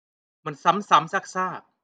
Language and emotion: Thai, frustrated